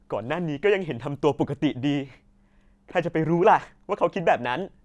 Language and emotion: Thai, sad